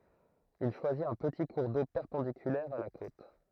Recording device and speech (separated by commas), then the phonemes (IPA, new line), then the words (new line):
throat microphone, read sentence
il ʃwazit œ̃ pəti kuʁ do pɛʁpɑ̃dikylɛʁ a la kot
Il choisit un petit cours d'eau perpendiculaire à la côte.